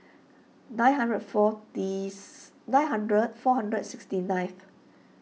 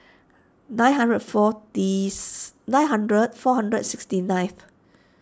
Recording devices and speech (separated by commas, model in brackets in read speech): mobile phone (iPhone 6), standing microphone (AKG C214), read sentence